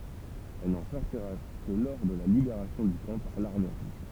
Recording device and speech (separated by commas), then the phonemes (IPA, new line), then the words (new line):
temple vibration pickup, read sentence
ɛl nɑ̃ sɔʁtiʁa kə lə lɔʁ də la libeʁasjɔ̃ dy kɑ̃ paʁ laʁme ʁuʒ
Elle n'en sortira que le lors de la libération du camp par l'Armée rouge.